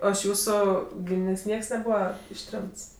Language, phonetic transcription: Lithuanian, ˈo iš ˈjūsu ˈgyminės' ˈnieks neˈbūva išˈtremts

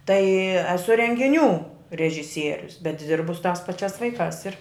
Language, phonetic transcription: Lithuanian, tai eˈsu rengiˈnių režiˈsierius bet ˈdirbu su tās paˈčiās ˈvaikās ir

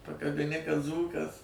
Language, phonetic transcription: Lithuanian, pakabiˈni kad ˈdzūkas

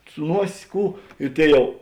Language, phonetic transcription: Lithuanian, su ˈnuos' ˈkų i ˈtėi ˈjau

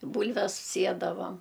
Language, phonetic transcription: Lithuanian, i ˈbūlves ˈsiedavam

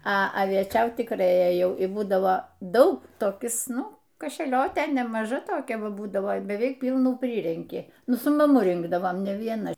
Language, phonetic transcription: Lithuanian, a avieˈčiaut tikˈrai ėˈjau i ˈbūdavo ˈdaug toˈkis ˈnu kašeˈliotė nemaˈža toˈkia ˈva ˈbūdavo beˈveik ˈpylnų ˈpryrenki ˈnu su maˈmu ˈrinkdavom ne vieˈna

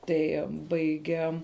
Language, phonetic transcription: Lithuanian, ˈtai ˈbaige

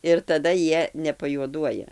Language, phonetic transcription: Lithuanian, ir taˈda ˈjie nepajuoˈduoja

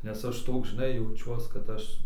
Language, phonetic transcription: Lithuanian, nes ˈaš ˈtoks žiˈnai jauˈčiuos kad ˈaš

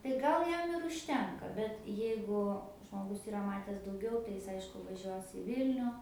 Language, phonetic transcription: Lithuanian, tai ˈgal ˈjam ir užˈtenka bet ˈjeigu žmoˈgus yˈra mates dauˈgiau tai ˈjis ˈaišku vaˈžiuos i ˈvilniu

